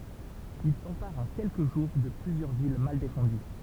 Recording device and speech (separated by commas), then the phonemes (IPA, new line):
temple vibration pickup, read sentence
il sɑ̃paʁt ɑ̃ kɛlkə ʒuʁ də plyzjœʁ vil mal defɑ̃dy